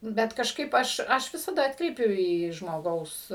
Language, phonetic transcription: Lithuanian, ˈbet kažˈkaip ˈaš ˈaš ˈvisada ˈatkreipiu į žmoˈgaus

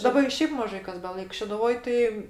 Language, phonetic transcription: Lithuanian, daˈba i ˈšiaip maˈžai kas beˈlaik šeduˈvoj ˈtai

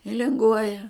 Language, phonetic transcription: Lithuanian, i linˈguoja

